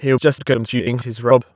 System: TTS, waveform concatenation